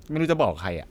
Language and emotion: Thai, frustrated